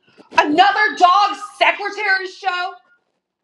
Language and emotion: English, angry